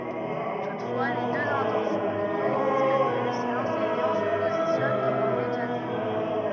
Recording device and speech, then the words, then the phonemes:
rigid in-ear microphone, read sentence
Toutefois, les deux intentions ne coexistent plus si l'enseignant se positionne comme un médiateur.
tutfwa le døz ɛ̃tɑ̃sjɔ̃ nə koɛɡzist ply si lɑ̃sɛɲɑ̃ sə pozisjɔn kɔm œ̃ medjatœʁ

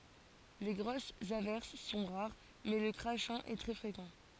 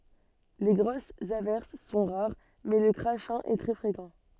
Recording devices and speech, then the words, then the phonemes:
forehead accelerometer, soft in-ear microphone, read sentence
Les grosses averses sont rares, mais le crachin est très fréquent.
le ɡʁosz avɛʁs sɔ̃ ʁaʁ mɛ lə kʁaʃɛ̃ ɛ tʁɛ fʁekɑ̃

